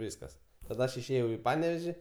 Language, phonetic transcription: Lithuanian, ˈvyskas taˈda ˈaš išˈėjau į ˈpaneveži

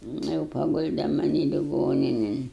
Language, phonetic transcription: Lithuanian, ˈnu jau paˈgulde maˈnį liˈgoninin

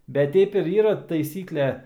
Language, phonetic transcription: Lithuanian, ˈbet ˈteip ir ˈyra taiˈsykle

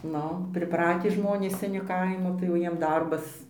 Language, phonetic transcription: Lithuanian, ˈnu priˈpratį ˈžmonės seˈni ˈkaimo tai jau ˈjiem ˈdarbas

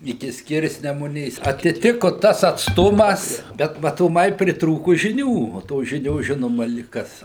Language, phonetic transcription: Lithuanian, iˈki ˈskirsnemunės atiˈtiku ˈtas atsˈtumas ˈbet matoˈmai pritˈrūku žiˈnių o ˈtos ˈžinios ˈžinoma lik ˈkas

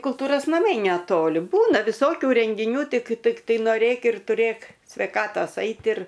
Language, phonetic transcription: Lithuanian, kulˈtūros naˈmai neˈtoli ˈbūna viˈsokiu rengiˈnių ˈtik tikˈtai noˈrėk ir tuˈrėk sveiˈkatos ˈait ir

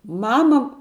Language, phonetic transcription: Lithuanian, ˈmama

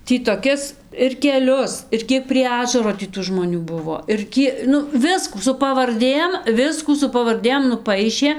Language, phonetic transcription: Lithuanian, ˈtį toˈkis ir keˈlius ir ˈkiek prie ˈažaro tį ˈtų žmoˈnių ˈbuvo ir ˈkie ˈnu ˈviskų su pavarˈdėm ˈviskų su pavarˈdėm nuˈpaišė

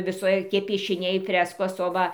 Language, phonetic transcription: Lithuanian, viˈsokie piešiˈniai ˈfreskos o ˈva

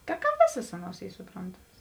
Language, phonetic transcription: Lithuanian, ta ka ˈvėsas ˈaˌnuos ˈy suˈprontamas

